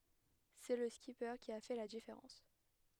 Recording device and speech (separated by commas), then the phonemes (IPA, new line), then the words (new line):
headset microphone, read sentence
sɛ lə skipe ki a fɛ la difeʁɑ̃s
C'est le skipper qui a fait la différence.